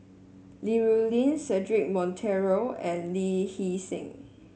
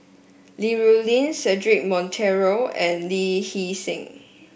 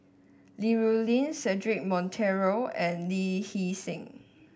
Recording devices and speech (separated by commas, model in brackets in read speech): mobile phone (Samsung S8), boundary microphone (BM630), standing microphone (AKG C214), read sentence